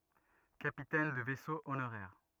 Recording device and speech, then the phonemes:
rigid in-ear microphone, read sentence
kapitɛn də vɛso onoʁɛʁ

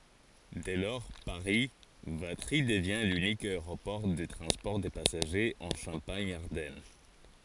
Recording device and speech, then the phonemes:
forehead accelerometer, read sentence
dɛ lɔʁ paʁi vatʁi dəvjɛ̃ lynik aeʁopɔʁ də tʁɑ̃spɔʁ də pasaʒez ɑ̃ ʃɑ̃paɲ aʁdɛn

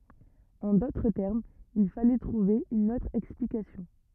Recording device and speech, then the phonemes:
rigid in-ear microphone, read sentence
ɑ̃ dotʁ tɛʁmz il falɛ tʁuve yn otʁ ɛksplikasjɔ̃

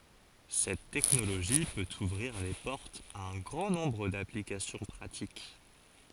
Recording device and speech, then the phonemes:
forehead accelerometer, read sentence
sɛt tɛknoloʒi pøt uvʁiʁ le pɔʁtz a œ̃ ɡʁɑ̃ nɔ̃bʁ daplikasjɔ̃ pʁatik

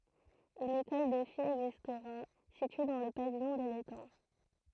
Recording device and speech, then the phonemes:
throat microphone, read sentence
yn ekɔl də fijz ɛɡzistʁa sitye dɑ̃ lə pavijɔ̃ də letɑ̃

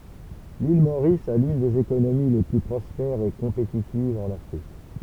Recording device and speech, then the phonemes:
temple vibration pickup, read sentence
lil moʁis a lyn dez ekonomi le ply pʁɔspɛʁz e kɔ̃petitivz ɑ̃n afʁik

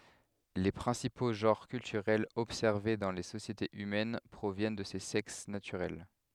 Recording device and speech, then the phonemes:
headset microphone, read sentence
le pʁɛ̃sipo ʒɑ̃ʁ kyltyʁɛlz ɔbsɛʁve dɑ̃ le sosjetez ymɛn pʁovjɛn də se sɛks natyʁɛl

